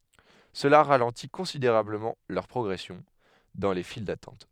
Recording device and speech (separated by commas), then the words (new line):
headset microphone, read sentence
Cela ralentit considérablement leur progression dans les files d'attente.